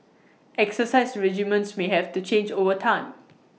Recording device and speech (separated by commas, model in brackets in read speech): mobile phone (iPhone 6), read sentence